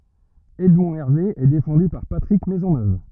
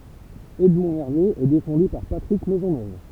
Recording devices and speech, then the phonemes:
rigid in-ear microphone, temple vibration pickup, read sentence
ɛdmɔ̃ ɛʁve ɛ defɑ̃dy paʁ patʁik mɛzɔnøv

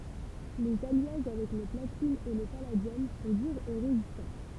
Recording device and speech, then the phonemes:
temple vibration pickup, read sentence
lez aljaʒ avɛk lə platin e lə paladjɔm sɔ̃ dyʁz e ʁezistɑ̃

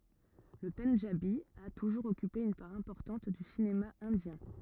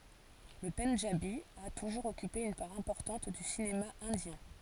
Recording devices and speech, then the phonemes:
rigid in-ear microphone, forehead accelerometer, read sentence
lə pɑ̃dʒabi a tuʒuʁz ɔkype yn paʁ ɛ̃pɔʁtɑ̃t dy sinema ɛ̃djɛ̃

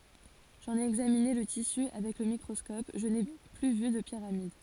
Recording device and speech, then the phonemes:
forehead accelerometer, read sentence
ʒɑ̃n e ɛɡzamine lə tisy avɛk lə mikʁɔskɔp ʒə ne ply vy də piʁamid

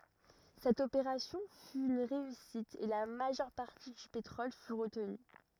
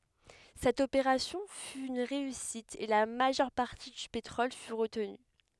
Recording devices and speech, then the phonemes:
rigid in-ear microphone, headset microphone, read sentence
sɛt opeʁasjɔ̃ fy yn ʁeysit e la maʒœʁ paʁti dy petʁɔl fy ʁətny

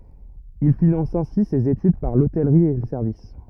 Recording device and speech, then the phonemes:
rigid in-ear microphone, read sentence
il finɑ̃s ɛ̃si sez etyd paʁ lotɛlʁi e lə sɛʁvis

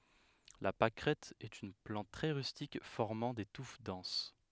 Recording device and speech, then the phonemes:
headset microphone, read sentence
la pakʁɛt ɛt yn plɑ̃t tʁɛ ʁystik fɔʁmɑ̃ de tuf dɑ̃s

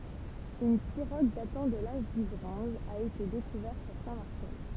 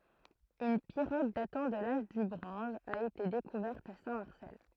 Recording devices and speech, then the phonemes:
temple vibration pickup, throat microphone, read sentence
yn piʁoɡ datɑ̃ də laʒ dy bʁɔ̃z a ete dekuvɛʁt a sɛ̃tmaʁsɛl

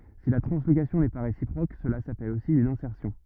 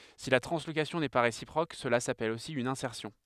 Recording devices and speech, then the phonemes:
rigid in-ear microphone, headset microphone, read sentence
si la tʁɑ̃slokasjɔ̃ nɛ pa ʁesipʁok səla sapɛl osi yn ɛ̃sɛʁsjɔ̃

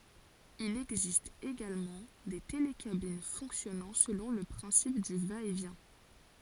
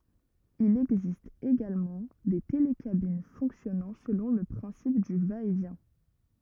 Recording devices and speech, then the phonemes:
forehead accelerometer, rigid in-ear microphone, read sentence
il ɛɡzist eɡalmɑ̃ de telekabin fɔ̃ksjɔnɑ̃ səlɔ̃ lə pʁɛ̃sip dy vaɛtvjɛ̃

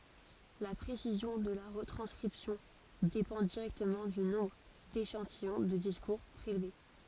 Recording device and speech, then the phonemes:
forehead accelerometer, read sentence
la pʁesizjɔ̃ də la ʁətʁɑ̃skʁipsjɔ̃ depɑ̃ diʁɛktəmɑ̃ dy nɔ̃bʁ deʃɑ̃tijɔ̃ də diskuʁ pʁelve

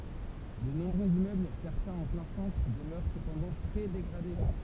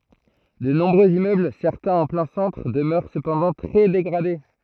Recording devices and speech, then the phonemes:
temple vibration pickup, throat microphone, read sentence
də nɔ̃bʁøz immøbl sɛʁtɛ̃z ɑ̃ plɛ̃ sɑ̃tʁ dəmœʁ səpɑ̃dɑ̃ tʁɛ deɡʁade

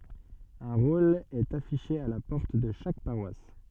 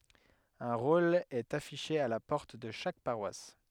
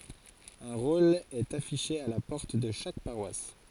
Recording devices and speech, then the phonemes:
soft in-ear microphone, headset microphone, forehead accelerometer, read sentence
œ̃ ʁol ɛt afiʃe a la pɔʁt də ʃak paʁwas

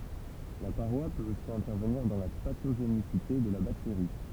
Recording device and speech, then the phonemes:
temple vibration pickup, read sentence
la paʁwa pøt osi ɛ̃tɛʁvəniʁ dɑ̃ la patoʒenisite də la bakteʁi

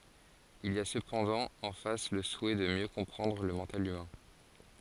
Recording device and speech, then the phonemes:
forehead accelerometer, read sentence
il i a səpɑ̃dɑ̃ ɑ̃ fas lə suɛ də mjø kɔ̃pʁɑ̃dʁ lə mɑ̃tal ymɛ̃

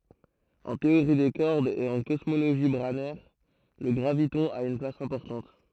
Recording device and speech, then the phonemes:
throat microphone, read sentence
ɑ̃ teoʁi de kɔʁdz e ɑ̃ kɔsmoloʒi bʁanɛʁ lə ɡʁavitɔ̃ a yn plas ɛ̃pɔʁtɑ̃t

